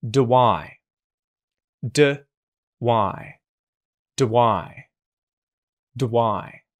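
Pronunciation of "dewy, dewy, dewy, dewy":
In "do I", said four times, "do" is unstressed and its oo vowel is reduced to a schwa, the uh sound. A w sound links "do" to "I".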